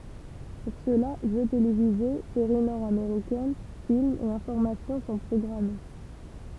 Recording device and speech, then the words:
temple vibration pickup, read sentence
Pour cela, jeux télévisés, séries nord-américaines, films et informations sont programmés.

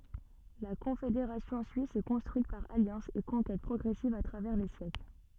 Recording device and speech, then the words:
soft in-ear microphone, read sentence
La Confédération suisse s'est construite par alliances et conquêtes progressives à travers les siècles.

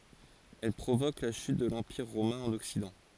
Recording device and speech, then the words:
forehead accelerometer, read sentence
Elles provoquent la chute de l'Empire romain en Occident.

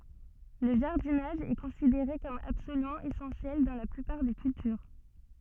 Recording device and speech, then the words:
soft in-ear microphone, read sentence
Le jardinage est considéré comme absolument essentiel dans la plupart des cultures.

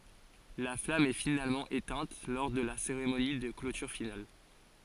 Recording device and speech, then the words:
forehead accelerometer, read sentence
La flamme est finalement éteinte lors de la cérémonie de clôture finale.

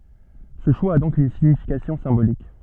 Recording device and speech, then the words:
soft in-ear microphone, read sentence
Ce choix a donc une signification symbolique.

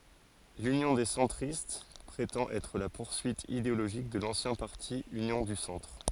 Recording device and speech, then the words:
forehead accelerometer, read sentence
L'Union des centristes prétend être la poursuite idéologique de l'ancien parti Union du Centre.

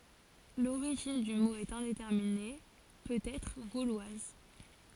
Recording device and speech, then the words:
forehead accelerometer, read sentence
L'origine du mot est indéterminée, peut-être gauloise.

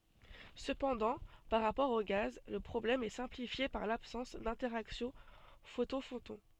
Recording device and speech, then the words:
soft in-ear microphone, read sentence
Cependant, par rapport aux gaz, le problème est simplifié par l'absence d'interaction photon-photon.

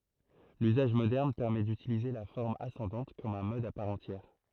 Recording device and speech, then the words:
throat microphone, read sentence
L'usage moderne permet d'utiliser la forme ascendante comme un mode à part entière.

